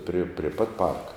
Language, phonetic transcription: Lithuanian, pri prė ˈpat ˈparka

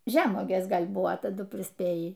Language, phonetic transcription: Lithuanian, ˈžemuogės ˈgal' ˈbuvo taˈdu prisˈpėjį

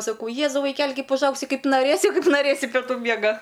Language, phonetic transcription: Lithuanian, saˈkau ˈjėzau vaiˈkeli ˈkaip užˈaugsi ˈkaip naˈrėsi ˈkaip naˈrėsi peˈtų ˈmiega

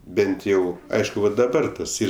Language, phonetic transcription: Lithuanian, ˈbent jau ˈaišku va daˈbar tas ˈyr

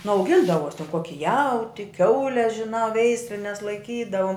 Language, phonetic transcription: Lithuanian, nu auˈgindavos ten ˈkoki ˈjauti ˈkiaule žiˈnā ˈveislines laiˈkydavom

